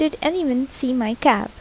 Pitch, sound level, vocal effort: 270 Hz, 78 dB SPL, soft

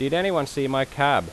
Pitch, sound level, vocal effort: 140 Hz, 90 dB SPL, loud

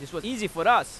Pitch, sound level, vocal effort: 200 Hz, 98 dB SPL, very loud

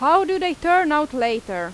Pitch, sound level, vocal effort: 300 Hz, 93 dB SPL, very loud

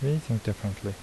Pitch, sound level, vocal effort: 105 Hz, 73 dB SPL, soft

